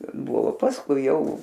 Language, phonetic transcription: Lithuanian, ˈbuvo pasˈkui ˈjau

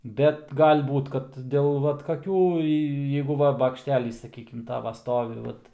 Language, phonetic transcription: Lithuanian, ˈbet gal' ˈbūt kad ˈdėl ˈvat kaˈkių jė ˈjeigu ˈva bakšˈtelys saˈkykim ˈtava ˈstovi ˈvat

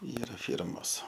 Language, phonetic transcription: Lithuanian, ˈyra ˈfyrmos

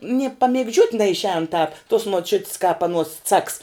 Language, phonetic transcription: Lithuanian, nie pamigˈdžiuot' neišˈēn tāp tuos muoˈčiut's kāp aˈnuos caks

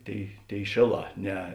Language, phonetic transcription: Lithuanian, ˈtėi ˈtėi ˈšėˌlā ˈne

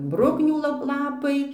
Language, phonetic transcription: Lithuanian, ˈbruknių la ˈlapai

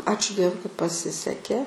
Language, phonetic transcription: Lithuanian, ˈačiu ˈdievui kad paˈsisekė

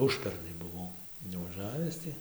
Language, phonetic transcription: Lithuanian, ˈužpernai buˈvau nuvaˈžavis ti

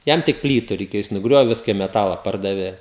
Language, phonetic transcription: Lithuanian, ˈjam tik ˈplytu reiˈkėjo jis nuˈgriovė ˈviska i meˈtala ˈpardavė

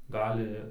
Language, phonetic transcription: Lithuanian, ˈgali

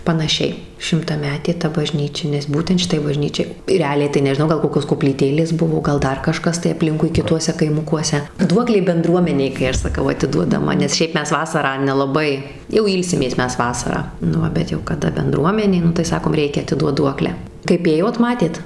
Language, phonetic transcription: Lithuanian, panaˈšiai šimtaˈmetė ta baˈžnyčia nes ˈbūtent šiˈtai baˈžnyčiai reˈaliai tai nežiˈnau ˈgal ˈkokios koplyˈtėlės ˈbuvo ˈgal ˈdar kaˈžkas tai aˈplinkui kiˈtuose kaiˈmukuose ˈduoklė benˈdruomenei kai ˈaš saˈkau atiduodaˈma nes ˈšiaip ˈmes ˈvasarą nelaˈbai jau ˈylsimės ˈmes ˈvasarą nu ˈva bet jau kaˈda benˈdruomenė ˈnu tai ˈsakom ˈreikia atiˈduot ˈduoklę kaip ˈėjot ˈmatėt

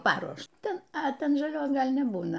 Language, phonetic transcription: Lithuanian, ˈparuošta a ˈten žaˈlios ˈgal' neˈbūna

